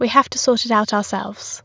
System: none